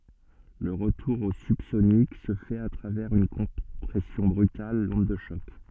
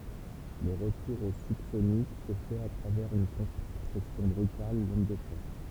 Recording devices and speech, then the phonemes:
soft in-ear microphone, temple vibration pickup, read sentence
lə ʁətuʁ o sybsonik sə fɛt a tʁavɛʁz yn kɔ̃pʁɛsjɔ̃ bʁytal lɔ̃d də ʃɔk

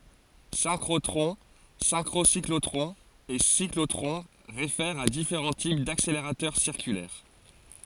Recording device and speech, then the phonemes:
forehead accelerometer, read sentence
sɛ̃kʁotʁɔ̃ sɛ̃kʁosiklotʁɔ̃z e siklotʁɔ̃ ʁefɛʁt a difeʁɑ̃ tip dakseleʁatœʁ siʁkylɛʁ

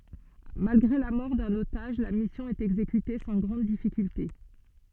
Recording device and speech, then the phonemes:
soft in-ear microphone, read sentence
malɡʁe la mɔʁ dœ̃n otaʒ la misjɔ̃ ɛt ɛɡzekyte sɑ̃ ɡʁɑ̃d difikylte

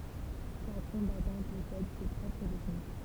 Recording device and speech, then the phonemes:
temple vibration pickup, read sentence
ʃak kɔ̃batɑ̃ pɔsɛd se pʁɔpʁ tɛknik

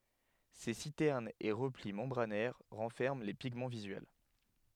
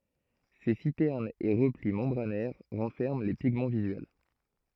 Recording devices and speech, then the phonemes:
headset microphone, throat microphone, read sentence
se sitɛʁnz e ʁəpli mɑ̃bʁanɛʁ ʁɑ̃fɛʁmɑ̃ le piɡmɑ̃ vizyɛl

